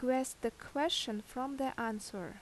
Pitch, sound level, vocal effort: 255 Hz, 80 dB SPL, normal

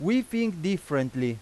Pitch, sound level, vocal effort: 180 Hz, 93 dB SPL, very loud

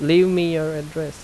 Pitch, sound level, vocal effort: 160 Hz, 85 dB SPL, soft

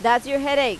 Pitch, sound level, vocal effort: 275 Hz, 94 dB SPL, loud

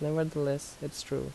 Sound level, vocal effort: 76 dB SPL, soft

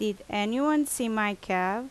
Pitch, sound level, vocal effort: 215 Hz, 84 dB SPL, loud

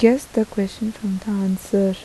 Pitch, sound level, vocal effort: 205 Hz, 78 dB SPL, soft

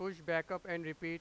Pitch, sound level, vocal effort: 170 Hz, 98 dB SPL, loud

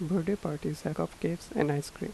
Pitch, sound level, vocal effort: 175 Hz, 79 dB SPL, soft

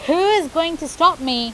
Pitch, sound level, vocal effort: 320 Hz, 94 dB SPL, very loud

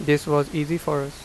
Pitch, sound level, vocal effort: 150 Hz, 86 dB SPL, normal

